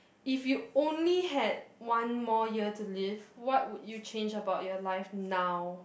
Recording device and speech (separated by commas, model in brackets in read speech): boundary microphone, conversation in the same room